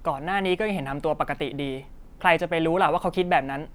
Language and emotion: Thai, neutral